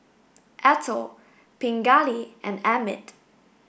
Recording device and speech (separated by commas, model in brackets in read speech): boundary microphone (BM630), read sentence